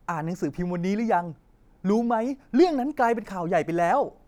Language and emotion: Thai, happy